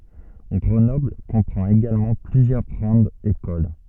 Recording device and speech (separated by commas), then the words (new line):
soft in-ear microphone, read sentence
Grenoble comprend également plusieurs grandes écoles.